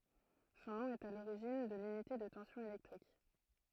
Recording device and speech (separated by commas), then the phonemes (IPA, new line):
throat microphone, read sentence
sɔ̃ nɔ̃ ɛt a loʁiʒin də lynite də tɑ̃sjɔ̃ elɛktʁik